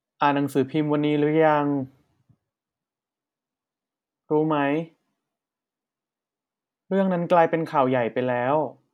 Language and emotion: Thai, sad